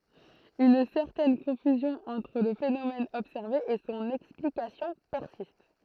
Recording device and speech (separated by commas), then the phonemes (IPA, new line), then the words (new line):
throat microphone, read sentence
yn sɛʁtɛn kɔ̃fyzjɔ̃ ɑ̃tʁ lə fenomɛn ɔbsɛʁve e sɔ̃n ɛksplikasjɔ̃ pɛʁsist
Une certaine confusion entre le phénomène observé et son explication persiste.